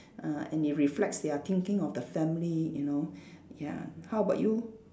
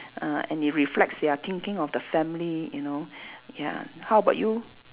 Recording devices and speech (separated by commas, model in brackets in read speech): standing microphone, telephone, conversation in separate rooms